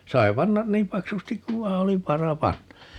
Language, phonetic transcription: Finnish, 'sai̮ 'pannan "niim 'paksustik kuv 'vai̮ oli "vara 'panna .
- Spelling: sai panna niin paksusti kun vain oli vara panna

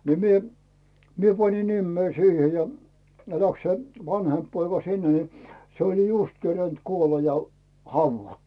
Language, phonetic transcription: Finnish, ni 'mie , 'mie pani 'nimmei "siihe ja , ne läks se 'vanhemp poika "sinne ni , se oĺ "just kerent 'kuola ja , "hauvvattᴜ .
- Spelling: niin minä minä panin nimeni siihen ja ne lähti se vanhempi poika sinne niin se oli justiin kerinnyt kuolla ja haudattu

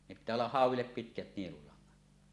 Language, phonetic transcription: Finnish, ne pittää ollah "hàuw̆willep 'pitkät 'nielulaŋŋat .
- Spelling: ne pitää olla hauelle pitkät nielulangat

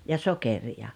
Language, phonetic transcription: Finnish, ja "sokerija .
- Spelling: ja sokeria

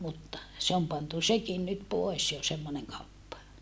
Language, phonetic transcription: Finnish, mutta , se om pantu sekin nyt poes jo semmoneŋ kauppa .
- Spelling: mutta se on pantu sekin nyt pois jo semmoinen kauppa

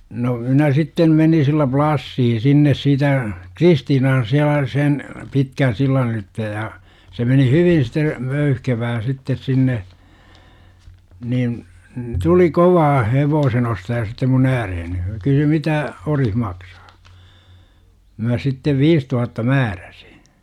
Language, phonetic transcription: Finnish, no , 'minä sitten§ 'menin sillä 'plassii sinnes siitä , "Kristiinan 'siälä 'sen , 'pitkän sillan 'ylitte ja , 'se meni "hyvin site , "möyhkevää 'sittes 'sinne , nin , 'tuli 'kovaa "hevoosen ostaja sittem mun 'ääreheni , (se) kysyy 'mitä » , 'orih maksA? « mä sittev "viis tuhatta "määrÄsI .
- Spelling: no minä sitten menin sillä plassia sinne siitä Kristiinan siellä sen pitkän sillan ylitse ja se meni hyvin sitten möyhkevää sitten sinne niin tuli kovaa hevosen ostaja sitten minun ääreeni se kysyi mitä ori maksaa minä sitten viis tuhatta määräsin

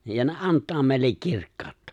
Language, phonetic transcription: Finnish, ja ne '’ant̆taa mèillek 'kirkkaaᵒttᴀ .
- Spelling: ja ne antaa meille kirkkautta

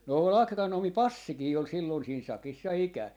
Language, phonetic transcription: Finnish, no ol 'akronoomi "Passikii ol sillon siin 'sakis ja 'ikä .
- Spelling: no oli agronomi Passikin oli silloin siinä sakissa ja ikään

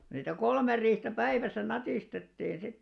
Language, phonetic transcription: Finnish, niitä 'kolmer̆ riihtä 'päiväsä 'natìstettin 'sit .
- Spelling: niitä kolme riihtä päivässä natistettin sitten

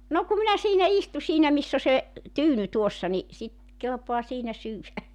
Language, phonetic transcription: Finnish, no ku minä siinä 'istu siinä 'miss ‿o se , 'tyyny 'tuossa ni , sit , 'kelpoa siinä 'syywä .
- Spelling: no kun minä siinä istun siinä missä on se tyyny tuossa niin sitten kelpaa siinä syödä

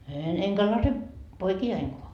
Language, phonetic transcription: Finnish, een eŋkä lase , 'poiki₍aiŋkoa » .
- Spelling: en enkä laske poikianikaan

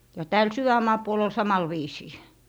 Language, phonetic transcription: Finnish, ja 'tääl "syvämmaa puol ‿ol 'samal 'viisii .
- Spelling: ja täällä sydänmaan puolella oli samalla viisiin

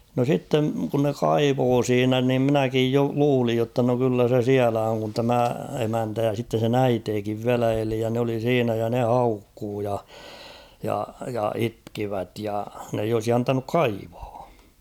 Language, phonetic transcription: Finnish, no 'sitteŋ kun ne "kaivoo 'siinä nim 'mⁱnäkij jo 'luulij jotta no kyllä se "siälä oŋ kun 'tämä 'emäntä ja sitten̬ sen ‿"äiteekiv 'viälä 'eli ja n ‿oli "siinä ja 'ne "haukkuu ja , ja , ja 'itkivät ja , n ‿eij ‿olsi 'antanuk "kaivᴀᴀ .
- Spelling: no sitten kun ne kaivoi siinä niin minäkin jo luulin jotta no kyllä se siellä on kun tämä emäntä ja sitten sen äitikin vielä eli ja ne oli siinä ja ne haukkui ja ja ja itkivät ja ne ei olisi antanut kaivaa

